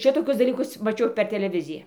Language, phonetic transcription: Lithuanian, ˈšitokius daˈlykus maˈčiau per teleˈvizija

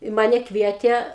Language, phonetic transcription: Lithuanian, i ˈmane ˈkvietė

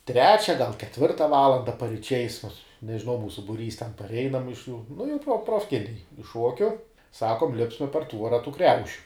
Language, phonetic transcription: Lithuanian, ˈtrečia gal keˈtvirta ˈvalanda pariˈčiais mus nežiˈnau ˈmūsu buˈrys ten parˈeinam iš jų nu jau pro profˈkiniai iš ˈšuokiu ˈsakom ˈlipsma par ˈtvuora tų ˈkriaušiu

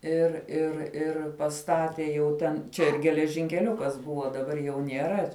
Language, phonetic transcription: Lithuanian, ir ir ir paˈstatė jau ˈten ˈčia ir geležinkeˈliukas ˈbuvo daˈbar jau nieˈra

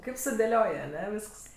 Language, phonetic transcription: Lithuanian, ˈkaip sudėˈlioj aˈne ˈvysks

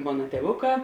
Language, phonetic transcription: Lithuanian, ˈmona tieˈvuˌkā

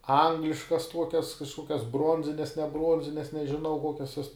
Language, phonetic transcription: Lithuanian, ˈangliškas ˈtuokias kažˈkokias ˈbronzines ne ˈbruonzines nežiˈnau ˈkokias juos

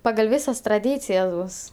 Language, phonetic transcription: Lithuanian, pagal' ˈvisas traˈdycijas ˈbus

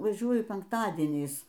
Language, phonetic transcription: Lithuanian, vaˈžiuoju penkˈtadieniais

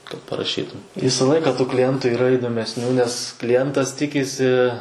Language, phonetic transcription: Lithuanian, kad paraˈšytum ˈvysa ˈlaika kliˈjentų yˈra idomesˈnių nes kliˈjentas ˈtikisi

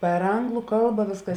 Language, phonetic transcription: Lithuanian, per ˈanglu ˈkalba ˈvėsˌkas

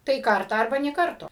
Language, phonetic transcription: Lithuanian, tai ˈkartą arˈba nė ˈkarto

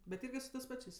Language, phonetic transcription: Lithuanian, bet ˈirgi su tɜs ˈpačės'

